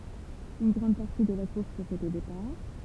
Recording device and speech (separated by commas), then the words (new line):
temple vibration pickup, read sentence
Une grande partie de la course se fait au départ.